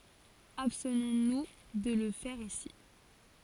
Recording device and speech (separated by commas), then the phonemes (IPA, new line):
forehead accelerometer, read sentence
abstnɔ̃ nu də lə fɛʁ isi